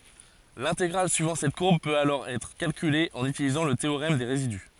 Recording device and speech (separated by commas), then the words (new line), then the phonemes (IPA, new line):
forehead accelerometer, read sentence
L'intégrale suivant cette courbe peut alors être calculée en utilisant le théorème des résidus.
lɛ̃teɡʁal syivɑ̃ sɛt kuʁb pøt alɔʁ ɛtʁ kalkyle ɑ̃n ytilizɑ̃ lə teoʁɛm de ʁezidy